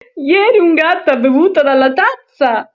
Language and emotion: Italian, happy